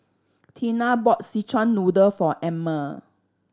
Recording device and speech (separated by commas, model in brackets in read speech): standing microphone (AKG C214), read sentence